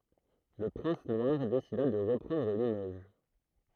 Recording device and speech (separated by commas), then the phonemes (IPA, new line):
throat microphone, read sentence
lə pʁɛ̃s nwaʁ desida də ʁəpʁɑ̃dʁ limoʒ